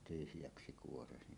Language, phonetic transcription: Finnish, tyhjäksi 'kuorasi .
- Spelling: tyhjäksi kuoraisi

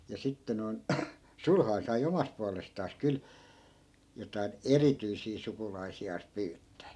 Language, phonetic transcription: Finnish, ja 'sitte noi̮n , "sulhai̮n sai 'omast pualestaas 'kyl , jotain "erityisii 'sukulaisi₍aas 'pyyttää .
- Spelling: ja sitten noin sulhanen sai omasta puolestaan kyllä jotakin erityisiä sukulaisiaan pyyttää

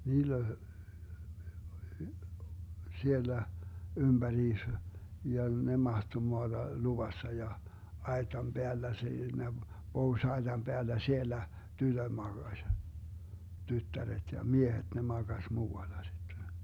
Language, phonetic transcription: Finnish, 'niill ‿oĺ , 'siellä , 'ymBäriis , ja 'ne mahto 'moaDa "luvassa ja , 'aetam "Beällä 'siinä , 'pohuⁱs₍aetam Beällä 'siellä , 'tytöD 'maGaś , 'tyttäret ja "miehet ne 'maGaś 'muu₍alla sitte .
- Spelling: niillä oli siellä ympäriinsä ja ne mahtoi maata luvassa ja aitan päällä siinä pohjoisaitan päällä siellä tytöt makasi tyttäret ja miehet ne makasi muualla sitten

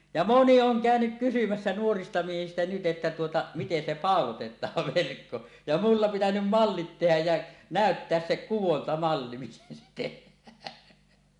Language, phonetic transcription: Finnish, ja "moni "oŋ "kä̀önyk 'kysymässä nuorista miehistä nyt 'ˀettä 'tuota , miten se "pàolotet̆taav 'verkko , ja 'mulla pitänym "mallit 'tehäj jä , "nä̀ötteäs se "kuwontamalli miten se 'teh̆hää .
- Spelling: ja moni on käynyt kysymässä nuorista miehistä nyt että tuota miten se pauloitetaan verkko ja minulla pitänyt mallit tehdä ja näyttää se kudontamalli miten se tehdään

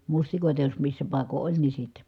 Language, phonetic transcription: Finnish, mustikòita jos missä pàiko ʼoĺ ni sitte .
- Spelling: mustikoita jos missä paikoin oli niin sitten

